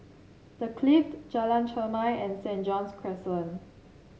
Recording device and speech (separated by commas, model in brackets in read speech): mobile phone (Samsung C7), read sentence